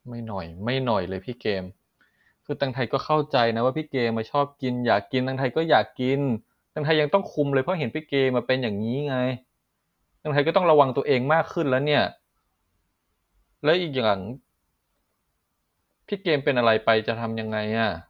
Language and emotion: Thai, frustrated